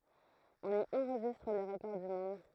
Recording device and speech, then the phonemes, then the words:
throat microphone, read sentence
ɔ̃n i ɑ̃ʁʒistʁ le ʁəkɔʁ dy mɔ̃d
On y enregistre les records du monde.

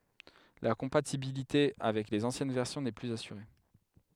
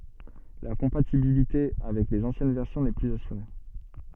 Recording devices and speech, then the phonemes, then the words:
headset microphone, soft in-ear microphone, read sentence
la kɔ̃patibilite avɛk lez ɑ̃sjɛn vɛʁsjɔ̃ nɛ plyz asyʁe
La compatibilité avec les anciennes versions n'est plus assurée.

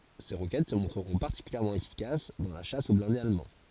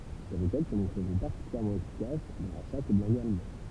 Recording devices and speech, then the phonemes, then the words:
forehead accelerometer, temple vibration pickup, read sentence
se ʁokɛt sə mɔ̃tʁəʁɔ̃ paʁtikyljɛʁmɑ̃ efikas dɑ̃ la ʃas o blɛ̃dez almɑ̃
Ces roquettes se montreront particulièrement efficaces dans la chasse aux blindés allemands.

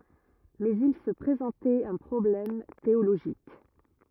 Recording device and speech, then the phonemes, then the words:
rigid in-ear microphone, read sentence
mɛz il sə pʁezɑ̃tɛt œ̃ pʁɔblɛm teoloʒik
Mais il se présentait un problème théologique.

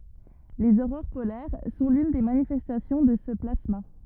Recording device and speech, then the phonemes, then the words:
rigid in-ear microphone, read sentence
lez oʁoʁ polɛʁ sɔ̃ lyn de manifɛstasjɔ̃ də sə plasma
Les aurores polaires sont l'une des manifestations de ce plasma.

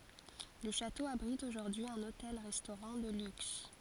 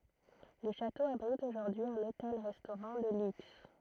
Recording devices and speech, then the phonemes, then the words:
forehead accelerometer, throat microphone, read sentence
lə ʃato abʁit oʒuʁdyi œ̃n otɛl ʁɛstoʁɑ̃ də lyks
Le château abrite aujourd'hui un hôtel-restaurant de luxe.

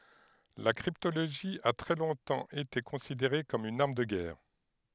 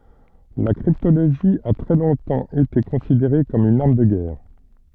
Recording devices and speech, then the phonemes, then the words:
headset microphone, soft in-ear microphone, read sentence
la kʁiptoloʒi a tʁɛ lɔ̃tɑ̃ ete kɔ̃sideʁe kɔm yn aʁm də ɡɛʁ
La cryptologie a très longtemps été considérée comme une arme de guerre.

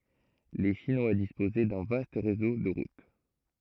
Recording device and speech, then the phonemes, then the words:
throat microphone, read sentence
le ʃinwa dispozɛ dœ̃ vast ʁezo də ʁut
Les Chinois disposaient d'un vaste réseau de routes.

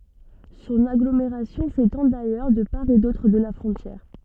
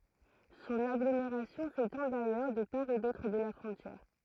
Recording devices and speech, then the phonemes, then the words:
soft in-ear microphone, throat microphone, read sentence
sɔ̃n aɡlomeʁasjɔ̃ setɑ̃ dajœʁ də paʁ e dotʁ də la fʁɔ̃tjɛʁ
Son agglomération s’étend d'ailleurs de part et d’autre de la frontière.

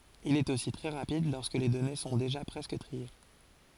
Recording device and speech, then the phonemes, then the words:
forehead accelerometer, read sentence
il ɛt osi tʁɛ ʁapid lɔʁskə le dɔne sɔ̃ deʒa pʁɛskə tʁie
Il est aussi très rapide lorsque les données sont déjà presque triées.

